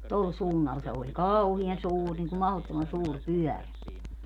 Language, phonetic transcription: Finnish, "tol 'suunnal se oĺ , "kauhian "suur niŋku 'mahottoman 'suur "pyɔ̈̀rä .
- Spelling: tuolla suunnalla se oli kauhean suuri niin kuin mahdottoman suuri pyörä

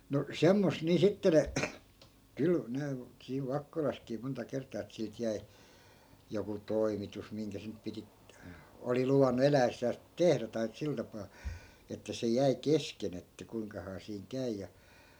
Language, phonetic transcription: Finnish, no 'semmos nii 'sitte ne , 'kyl , 'ne , siiv 'vakkolaskii monta 'kert̆taa et 'silt jäi̮ , joku "toimitus 'miŋkä se nyp̆ piti , oli 'luvannu 'elä₍essääs , "tehrä tai , 'sil tapaa , että se 'jäi "kesken ‿että 'kuiŋkahaa siiŋ 'käy̬ ja .
- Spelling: no semmoista niin sitten ne kyllä ne siinä Vakkolassakin monta kertaa että siltä jäi joku toimitus minkä se nyt piti oli luvannut eläessään tehdä tai sillä tapaa että se jäi kesken että kuinkahan siinä käy ja

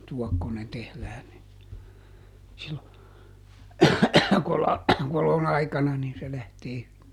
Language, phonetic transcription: Finnish, ˈtuɔkkonen ˈtehlään ni , sillo , ˈkolan , ˈkolon ‿aikana nin se ˈlähtee (hyvi) .
- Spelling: tuokkonen tehdään niin silloin kolan kolon aikana niin se lähtee hyvin

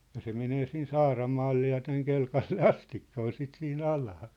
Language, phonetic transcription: Finnish, ja se 'menee siin "Saaramaalle ja täŋ 'Kelkalle "astikka , 'ol 'sit sii"n ‿alaa .
- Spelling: ja se menee siinä Saaramaalle ja tänne Kelkalle asti oli sitä siinä alaa

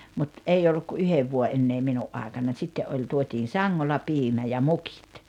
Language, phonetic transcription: Finnish, mut , 'ei olluk ku 'yhev vuo’ '’ennee 'minu’ ’àekanań 'sitte’ ’oĺ tuotiin̬ "saŋŋolla 'piimä ja "mukɪt .
- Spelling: mutta ei ollut kuin yhden vuoden enää minun aikanani sitten oli tuotiin sangolla piimä ja mukit

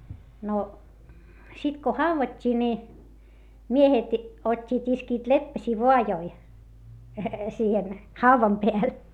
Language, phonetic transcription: Finnish, no , sit ko hauvat́t́ii ni , miehet , ot́t́iit iskiit leppäśii voajoi , siihen , hauvam peäl .
- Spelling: no sitten kun haudattiin niin miehet ottivat iskivät leppäsiä vaajaan siihen haudan päälle

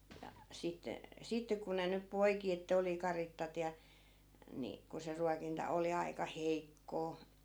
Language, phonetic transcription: Finnish, ja , 'sitte , 'sitte ku ne nyp 'poiki ettᵃ̈ oli 'karittat ja , ni , ku se 'ruakinta 'oli 'ai̮ka "heikkoo .
- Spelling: ja sitten sitten kun ne nyt poiki että oli karitsat ja niin kun se ruokinta oli aika heikkoa

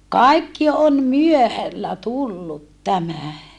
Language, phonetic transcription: Finnish, kaikki om myöhällä tullut tämä .
- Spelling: kaikki on myöhällä tullut tämä

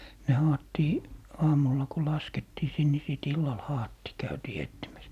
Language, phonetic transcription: Finnish, ne 'haattii , 'aamulla ko 'laskettii sin ni 'sìt 'illal "haattii , 'käytii "ettimäs .
- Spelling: ne haettiin aamulla kun laskettiin sinne niin sitten illalla haettiin käytiin etsimässä

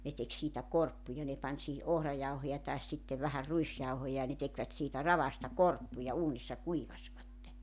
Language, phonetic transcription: Finnish, 'ne tek 'siitä 'korppuja 'ne 'pań sihi '’ohrajauhoja taes sitte vähär 'ruisjauhoja ja ne 'tekvät siitä "ravasta "korppuja "uunissa "kuivasvatte .
- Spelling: ne teki siitä korppuja ne pani siihen ohrajauhoja tai sitten vähän ruisjauhoja ja ne tekivät siitä ravasta korppuja uunissa kuivasivat

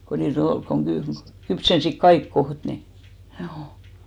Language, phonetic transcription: Finnish, ko nii't ‿ol koŋ ɢy- , 'kypsensik "kaik 'koht ni , ʰjuu .
- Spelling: kun niitä oli kun - kypsensivät kaikki kohta niin juu

